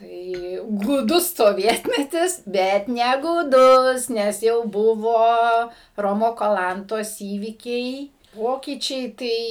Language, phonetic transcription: Lithuanian, ˈtai gūˈdus soˈvietmetis ˈbet negūˈdus nes ˈjau ˈbuvo ˈromo kaˈlantos ˈįvykiai ˈpokyčiai ˈtai

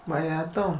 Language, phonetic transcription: Lithuanian, vaˈjetau

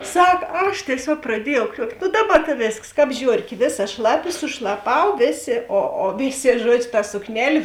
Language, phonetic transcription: Lithuanian, ˈsak ˈaš tieˈsiuog praˈdiejau ˈkriuokt' nu ˈdaˌba ta ˈvėsks ˈkāp ˈžiorkė ˈvėˌsa ˈšlaˌpi sušlaˈpau ˈvėˌsė o o ˈvėˌsė ˈžuodžiu ta sukˈnelė

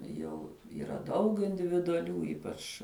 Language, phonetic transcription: Lithuanian, ˈjau yˈra ˈdaug individuaˈlių ˈypač

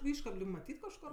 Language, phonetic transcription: Lithuanian, ˈiškab lig maˈtyt kažˈkor

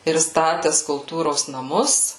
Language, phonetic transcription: Lithuanian, ir ˈstates kulˈtūros naˈmus

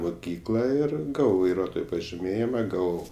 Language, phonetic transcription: Lithuanian, muˈkykla ˈir ˈgavau vaiˈruotojo pažiˈmėjima ˈgavau

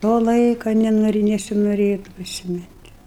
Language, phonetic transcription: Lithuanian, ˈto ˈlaiko neˈnori nesinoˈrėtu prisiˈmint'

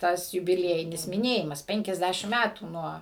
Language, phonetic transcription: Lithuanian, ˈtas jubiˈliejinis miˈnėjimas penkiasˈdæšim ˈmætų ˈnuo

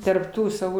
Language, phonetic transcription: Lithuanian, tarp ˈtų saˈvų

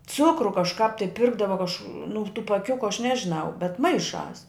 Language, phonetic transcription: Lithuanian, ˈcukru kažˈkāp tai ˈpirkdava kaž nu tų paˈkiukiu aš ˈnežinau bet ˈmaiˌšās

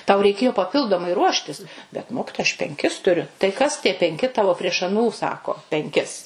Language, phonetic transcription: Lithuanian, tau reiˈkėjo paˈpildomai ˈruoštis bet ˈmokitoja aš penˈkis tuˈriu tai ˈkas tie penˈki ˈtavo prieš aˈnų ˈsako penˈkis

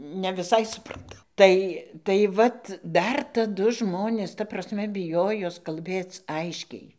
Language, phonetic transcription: Lithuanian, ne viˈsai supraˈtau ˈtai tai ˈvat ˈdar taˈdu ˈžmonės ta prasˈme biˈjojos kalˈbėc ˈaiškiai

